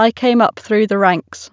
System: none